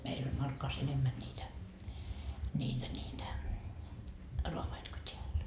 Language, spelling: Finnish, meillä oli Markkovassa enemmän niitä niitä niitä raavaita kuin täällä
- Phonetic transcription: 'meil ‿oĺ 'Markkovas 'enemmän ńiitä , ńiitä ńiitä , 'roavait ko 't́eäl .

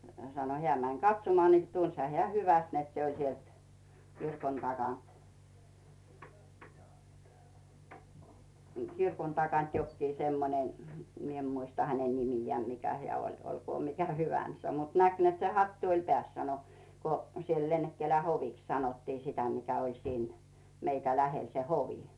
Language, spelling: Finnish, sanoi hän meni katsomaan niin tunsihan hän hyvästi että se oli sieltä kirkon takaa kirkon takaa jokin semmoinen minä en muista hänen nimeään mikä hän oli olkoon mikä hyvänsä mutta näki että se hattu oli päässä sanoi kun siellä Lennekkälän hoviksi sanottiin sitä mikä oli siinä meitä lähellä se hovi
- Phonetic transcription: sano 'heä̀ män "katsomᵒà ni "tunsha hᵉä̀ 'hyväst net 'se oĺ 'sielt , 'kirkon takànt , 'kirkon takant jokkii semmonen , 'mie ‿m muista 'häne 'nimijᵉä̀ 'mikä heä̀ oĺ 'olkoo mikä 'hyvän̳s̳ä̳ mut 'näk net se 'hattu oĺ 'peä̀s sano , ko siel 'Lennekkälä "hoviks sanottii 'sitä 'mikä oĺ 'siin , meitä 'lähel se "hovi .

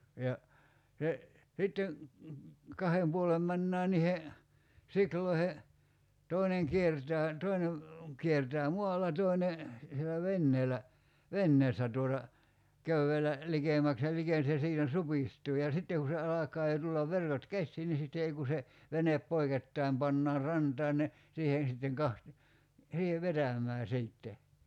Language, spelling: Finnish, ja se sitten kahden puolen mennään niihn siuloihin toinen kiertää toinen kiertää maalla toinen siellä veneellä venneestä tuota köydellä likemmäksi ja l se siinä supistuu ja sitten kun se alkaa jo tulla verkot käsiin niin sitten ei kun se venep poikittain pannaan rantaan ne siihen sitten - siihen vetämään sitten
- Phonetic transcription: ja , se , 'sitten̬ , 'kahem puolem 'männää nihe , 'sikloihe , 'toineŋ 'kiertää , 'toine , 'kiertää "muala 'toine , sielä "venneelä , "venneestä tuota , 'köy₍elä , 'likèmäks ja ('liken) se 'siinä "supistuu ja 'sitte ku se 'alak̀aa jo tullav 'verkot "kässii ni sitte 'ei ku se , 'venep "poikettaim 'pannaar "rantaan ne , siihen̬ sitteŋ 'kaht- , siihev "vetäm̀ää 'siitte .

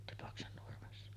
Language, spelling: Finnish, Tipaksen Nurmessa
- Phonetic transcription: 'Tipaksen Nurmessa .

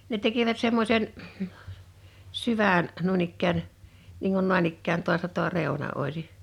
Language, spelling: Finnish, ne tekivät semmoisen syvän noin ikään niin kuin noin ikään tuosta tuo reuna olisi
- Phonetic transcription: ne 'teki̬vät 'semmośen , 'syvä̀n , 'nuin ‿ikkään , niiŋ kun 'nòan ‿ikkään toasta toa 'rèu̬na '’òisi ,.

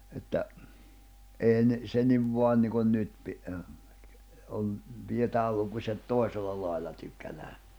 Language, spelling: Finnish, että ei ne se niin vain niin kuin nyt - on pidetään lukuset toisella lailla tykkänään
- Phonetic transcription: että , èi ne , 'se niv 'voan niikon 'nyt pi- , om , 'pijetääl lukuśet "tòi̬sella lài̬lla 'tykkänää .

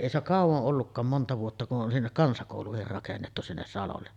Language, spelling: Finnish, ei se ole kauan ollutkaan monta vuotta kun on sinne kansakoulukin rakennettu sinne salolle
- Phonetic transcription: èi se ‿ok 'kàuvoˀ ˀollukkaam 'monta vuotta ku’ ’on 'sinnek "kansakòuluhir rakennettu 'sinnes salolle .

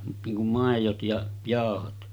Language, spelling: Finnish, niin kuin maidot ja jauhot
- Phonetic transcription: niiŋ kum 'màejot ja , 'jàohot « .

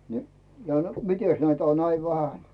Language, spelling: Finnish, niin ja mitenkäs näitä on näin vähän
- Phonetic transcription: ni , ja , » "mites näitä on 'näi "vähän ? « .

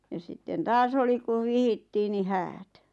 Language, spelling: Finnish, ja sitten taas oli kun vihittiin niin häät
- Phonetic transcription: ja sitten 'taas oli kuv "vihittii ni "häät .

